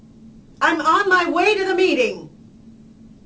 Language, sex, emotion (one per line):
English
female
angry